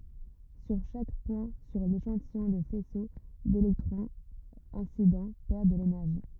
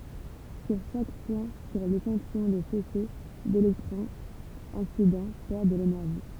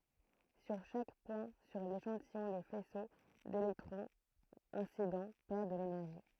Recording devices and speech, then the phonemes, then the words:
rigid in-ear microphone, temple vibration pickup, throat microphone, read sentence
syʁ ʃak pwɛ̃ syʁ leʃɑ̃tijɔ̃ lə fɛso delɛktʁɔ̃z ɛ̃sidɑ̃ pɛʁ də lenɛʁʒi
Sur chaque point sur l'échantillon le faisceau d'électrons incident perd de l'énergie.

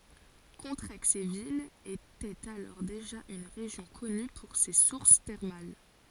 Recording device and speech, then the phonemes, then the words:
forehead accelerometer, read sentence
kɔ̃tʁɛɡzevil etɛt alɔʁ deʒa yn ʁeʒjɔ̃ kɔny puʁ se suʁs tɛʁmal
Contrexéville était alors déjà une région connue pour ses sources thermales.

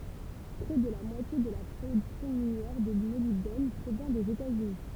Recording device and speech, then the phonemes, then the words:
temple vibration pickup, read sentence
pʁɛ də la mwatje də la pʁodyksjɔ̃ minjɛʁ də molibdɛn pʁovjɛ̃ dez etaz yni
Près de la moitié de la production minière de molybdène provient des États-Unis.

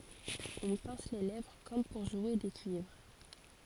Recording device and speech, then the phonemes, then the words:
forehead accelerometer, read sentence
ɔ̃ pɛ̃s le lɛvʁ kɔm puʁ ʒwe de kyivʁ
On pince les lèvres comme pour jouer des cuivres.

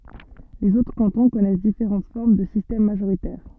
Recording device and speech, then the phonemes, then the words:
soft in-ear microphone, read sentence
lez otʁ kɑ̃tɔ̃ kɔnɛs difeʁɑ̃t fɔʁm də sistɛm maʒoʁitɛʁ
Les autres cantons connaissent différentes formes de système majoritaire.

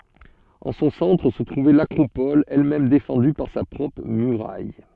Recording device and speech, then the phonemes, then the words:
soft in-ear microphone, read sentence
ɑ̃ sɔ̃ sɑ̃tʁ sə tʁuvɛ lakʁopɔl ɛlmɛm defɑ̃dy paʁ sa pʁɔpʁ myʁaj
En son centre se trouvait l'acropole, elle-même défendue par sa propre muraille.

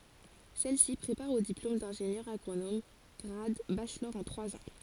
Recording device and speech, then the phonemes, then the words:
forehead accelerometer, read sentence
sɛlsi pʁepaʁ o diplom dɛ̃ʒenjœʁ aɡʁonom ɡʁad baʃlɔʁ ɑ̃ tʁwaz ɑ̃
Celle-ci prépare au diplôme d'ingénieur agronome grade Bachelor en trois ans.

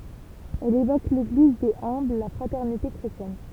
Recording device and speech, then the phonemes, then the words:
temple vibration pickup, read sentence
ɛl evok leɡliz dez œ̃bl la fʁatɛʁnite kʁetjɛn
Elle évoque l'Église des humbles, la fraternité chrétienne.

